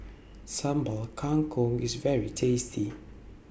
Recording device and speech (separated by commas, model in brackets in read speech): boundary microphone (BM630), read sentence